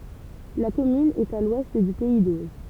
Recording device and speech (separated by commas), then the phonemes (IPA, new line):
temple vibration pickup, read sentence
la kɔmyn ɛt a lwɛst dy pɛi doʒ